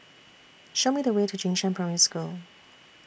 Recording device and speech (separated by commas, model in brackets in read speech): boundary microphone (BM630), read sentence